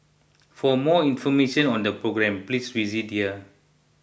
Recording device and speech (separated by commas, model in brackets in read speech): boundary microphone (BM630), read sentence